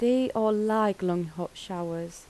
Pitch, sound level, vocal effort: 195 Hz, 80 dB SPL, soft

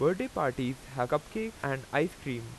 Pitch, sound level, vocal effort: 135 Hz, 89 dB SPL, loud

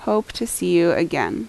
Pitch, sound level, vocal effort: 175 Hz, 80 dB SPL, normal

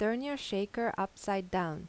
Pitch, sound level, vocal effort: 200 Hz, 84 dB SPL, normal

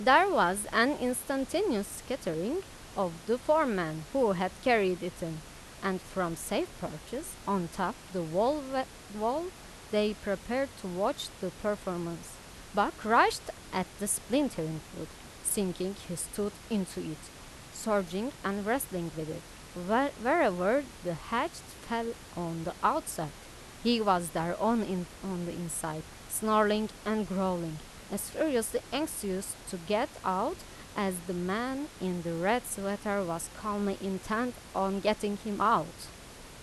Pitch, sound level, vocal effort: 200 Hz, 87 dB SPL, loud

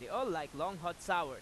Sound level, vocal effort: 97 dB SPL, loud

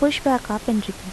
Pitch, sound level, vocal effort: 225 Hz, 78 dB SPL, soft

